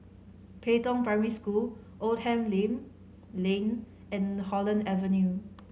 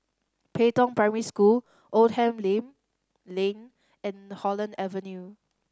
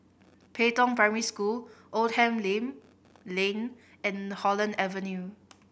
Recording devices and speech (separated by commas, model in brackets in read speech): mobile phone (Samsung C5010), standing microphone (AKG C214), boundary microphone (BM630), read sentence